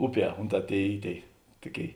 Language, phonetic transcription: Lithuanian, ˈuˌpie ˈunˌtā ˈtėi ˈy ˈtėi ˈtuˌkėi

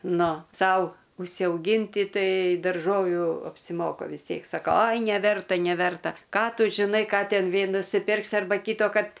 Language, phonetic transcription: Lithuanian, ˈnu ˈsau užsiauˈgynti ˈtai darˈžovių apsiˈmoka vis ˈtiek saˈkau ˈai neˈverta neˈverta ˈką ˈtu žiˈnai ˈką ˈten ˈvė nusiˈpirksi arˈba ˈkytokart

